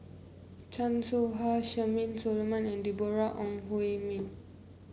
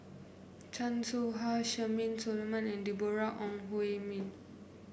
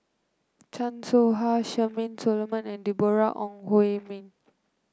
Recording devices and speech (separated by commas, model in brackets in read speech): mobile phone (Samsung C9), boundary microphone (BM630), close-talking microphone (WH30), read sentence